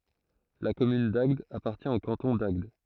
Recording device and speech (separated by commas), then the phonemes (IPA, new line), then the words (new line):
throat microphone, read sentence
la kɔmyn daɡd apaʁtjɛ̃ o kɑ̃tɔ̃ daɡd
La commune d'Agde appartient au canton d'Agde.